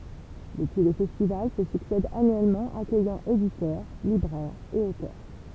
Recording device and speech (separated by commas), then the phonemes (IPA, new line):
temple vibration pickup, read sentence
dəpyi le fɛstival sə syksɛdt anyɛlmɑ̃ akœjɑ̃ editœʁ libʁɛʁz e otœʁ